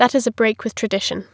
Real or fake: real